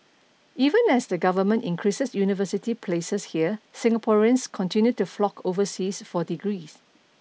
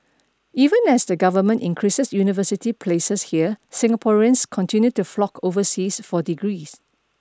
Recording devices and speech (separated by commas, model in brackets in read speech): mobile phone (iPhone 6), standing microphone (AKG C214), read sentence